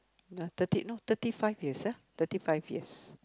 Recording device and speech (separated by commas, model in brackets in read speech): close-talking microphone, conversation in the same room